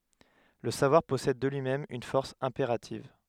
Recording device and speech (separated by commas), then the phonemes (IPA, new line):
headset microphone, read sentence
lə savwaʁ pɔsɛd də lyimɛm yn fɔʁs ɛ̃peʁativ